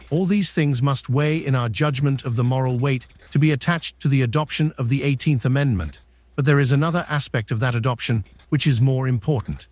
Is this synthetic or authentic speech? synthetic